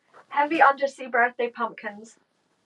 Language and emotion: English, fearful